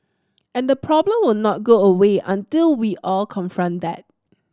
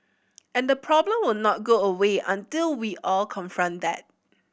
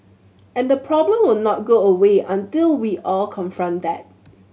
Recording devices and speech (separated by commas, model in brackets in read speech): standing microphone (AKG C214), boundary microphone (BM630), mobile phone (Samsung C7100), read sentence